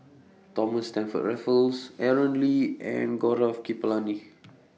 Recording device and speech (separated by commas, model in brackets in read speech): mobile phone (iPhone 6), read sentence